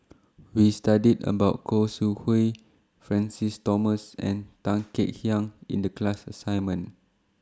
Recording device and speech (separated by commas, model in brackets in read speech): standing microphone (AKG C214), read sentence